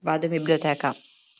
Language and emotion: Italian, neutral